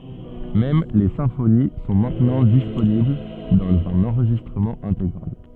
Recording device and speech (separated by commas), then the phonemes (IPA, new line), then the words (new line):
soft in-ear microphone, read sentence
mɛm le sɛ̃foni sɔ̃ mɛ̃tnɑ̃ disponibl dɑ̃z œ̃n ɑ̃ʁʒistʁəmɑ̃ ɛ̃teɡʁal
Même les symphonies sont maintenant disponibles dans un enregistrement intégral.